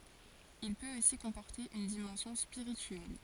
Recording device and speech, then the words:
forehead accelerometer, read sentence
Il peut aussi comporter une dimension spirituelle.

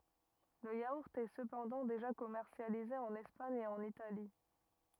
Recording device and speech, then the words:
rigid in-ear microphone, read sentence
Le yaourt est cependant déjà commercialisé en Espagne et en Italie.

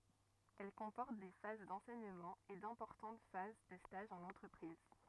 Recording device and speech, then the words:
rigid in-ear microphone, read sentence
Elle comporte des phases d'enseignement et d'importantes phases de stages en entreprise.

